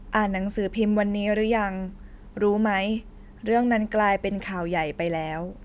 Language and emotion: Thai, neutral